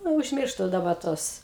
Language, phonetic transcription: Lithuanian, ˈnu užˈmirštu daˈba ˈtuos

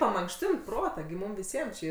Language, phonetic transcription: Lithuanian, pamankˈštint ˈprotą gi ˈmūm viˈsiem či

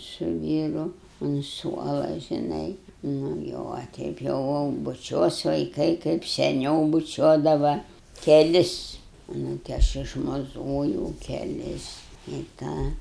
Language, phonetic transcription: Lithuanian, su ˈvyru un ˈsuola žiˈnai ˈnu jau a ˈteip jau jau buˈčiuos vaiˈkai kaip seˈniau buˈčiuodava keˈlis nu ti ˈaš išmaˈzojau keˈlis i ˈtą

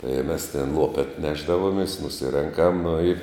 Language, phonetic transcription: Lithuanian, i mes ten ˈlopet ˈnešdavomės nuˈsirenkam nu i

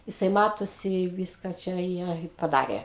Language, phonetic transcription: Lithuanian, jiˈsai ˈmatosi ˈviska ˈčia ˈjie i paˈdarė

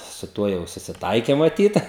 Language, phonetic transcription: Lithuanian, su ˈtuo jau susiˈtaike maˈtyt

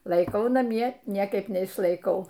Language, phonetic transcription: Lithuanian, laiˈkau naˈmie ˈniekaip neišlaiˈkau

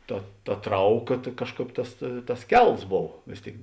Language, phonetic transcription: Lithuanian, ˈta ta ˈtrauˌka ta ˈkažˌkāp ˈtas tas ˈkels ˈbov ˈvės ˌtėik

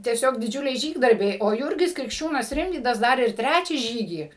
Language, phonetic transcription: Lithuanian, tieˈsiog diˈdžiuliai ˈžygdarbiai o ˈjūrgis krikšˈčiūnas ˈrimvydas ˈdar ir ˈtrečią ˈžygį

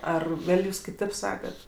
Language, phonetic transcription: Lithuanian, ˈar ˈgal' ˈjūs kiˈtėp ˈsakat

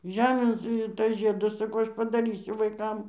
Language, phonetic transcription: Lithuanian, ˈžemėn ˈsu ir ˈtas ˈžiedas saˈkau ˈaš padaˈrysiu vaiˈkam

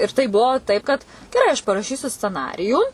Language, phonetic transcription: Lithuanian, ir tai ˈbuvo ˈtaip kad geˈrai aš paraˈšysiu sceˈnarijų

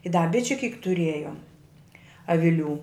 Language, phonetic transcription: Lithuanian, i da ˈbičiu kyk tuˈriejom aviˈlių

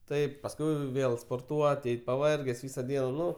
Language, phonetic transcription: Lithuanian, ˈtaip pasˈkui ˈvėl sporˈtuot ˈeit paˈvarges ˈvysa ˈdiena ˈnu

